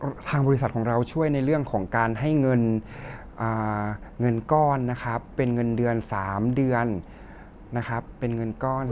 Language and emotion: Thai, neutral